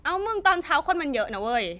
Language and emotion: Thai, frustrated